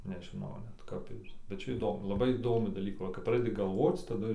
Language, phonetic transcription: Lithuanian, nežiˈnau net ˈkap ir bet ˈčia įˈdomu laˈbai įˈdomių daˈlykų ˈva kap ˈpradedi galˈvoc taˈdu

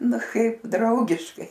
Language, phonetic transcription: Lithuanian, ˈnu ˈkaip ˈdraugiškai

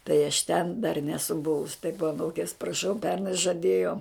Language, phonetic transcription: Lithuanian, tai aš ten dar ˈnesu ˈbuvus taip aˈnūkės praˈšau ˈpernai žaˈdėjo

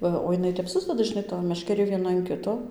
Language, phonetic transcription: Lithuanian, ˈva o jiˈnai tep ˈsusdeda žiˈnai toj meškeˈrė vieˈna an ˈkito

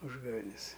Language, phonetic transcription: Lithuanian, ˈūžgavenes

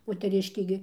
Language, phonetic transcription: Lithuanian, moteˈriškė gi

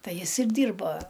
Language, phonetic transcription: Lithuanian, ˈtai ˈjis ir ˈdyrba

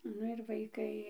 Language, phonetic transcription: Lithuanian, ˈnu ir vaiˈkai

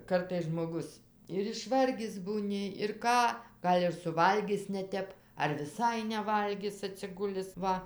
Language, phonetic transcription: Lithuanian, ˈkartais žmoˈgus ir išˈvargis būˈni ir ˈką ˈgal' ir suˈvalgis neˈtep ar viˈsai neˈvalgis atsiˈgulis ˈva

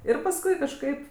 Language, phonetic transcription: Lithuanian, ˈir pasˈkui kažˈkaip

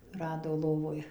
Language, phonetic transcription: Lithuanian, ˈrado ˈlovoj

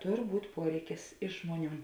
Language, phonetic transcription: Lithuanian, ˈtor ˈbūt ˈpuoreikis ˈiš žmuoˌnių

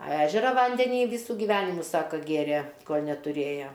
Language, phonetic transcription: Lithuanian, a ˈežera ˈvandenį ˈvysų giˈvenimu ˈsaka ˈgėrė ˈkol' netuˈrėja

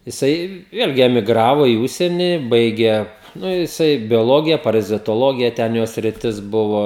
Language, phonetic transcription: Lithuanian, jiˈsai ˈvėlgi emiˈgravo į ˈužsieni ˈbaigė ˈnu jiˈsai bioˈlogija parazitoˈlogija ˈten ˈjo sriˈtis ˈbuvo

